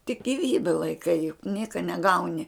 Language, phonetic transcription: Lithuanian, tik giˈvybe laiˈkai juk ˈnieka neˈgauni

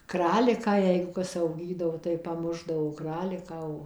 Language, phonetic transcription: Lithuanian, ˈkraliką ˈjeigu ˈkas auˈgydavo tai paˈmušdavo ˈkraliką o

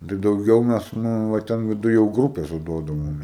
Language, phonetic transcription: Lithuanian, tai dauˈgiau ˈmes ˈnū va ˈten viˈduj jau ˈgrūpėse ˈduodavome

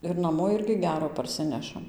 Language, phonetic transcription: Lithuanian, ir naˈmo ˈirgi ˈgero parˈsinešam

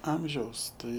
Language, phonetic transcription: Lithuanian, ˈamžiaus ˈtai

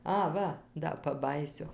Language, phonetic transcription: Lithuanian, ˈa ˈva ˈda paˈbajysiu

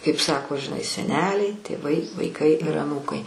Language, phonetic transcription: Lithuanian, kaip ˈsako žiˈnai seˈneliai tėˈvai vaiˈkai ir aˈnūkai

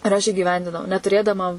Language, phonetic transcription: Lithuanian, ir ˈaš įgiˈvendinau netuˈrėdama

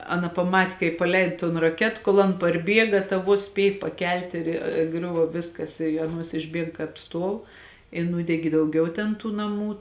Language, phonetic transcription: Lithuanian, ˈaˌna paˈmat' kaip paˈleid ton raˈket ˈkol an parˈbiega ta ˈvuos ˈspiej pakelt' ir ˈgriuvo ˈviskas i aˈnuos išˈbieg kāp ˈstuov i ˈnūdegi dauˈgiau ten ˈtų naˈmų

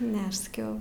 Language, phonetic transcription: Lithuanian, ˈne aš saˈkiau

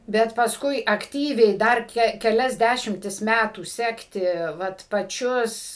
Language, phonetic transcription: Lithuanian, ˈbet paˈskui akˈtyviai ˈdar ke keˈlias ˈdæšimtis ˈmætų ˈsekti ˈvat paˈčius

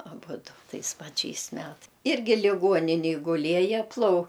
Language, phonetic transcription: Lithuanian, aˈbudu ˈtais paˈčiais ˈmet ˈirgi liˈguoninėj guˈlieja plau

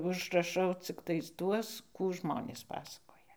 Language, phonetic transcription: Lithuanian, užraˈšau cikˈtais ˈtuos ˈkų ˈžmonės ˈpasakoja

